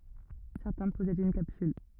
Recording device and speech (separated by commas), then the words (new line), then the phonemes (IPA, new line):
rigid in-ear microphone, read sentence
Certains possèdent une capsule.
sɛʁtɛ̃ pɔsɛdt yn kapsyl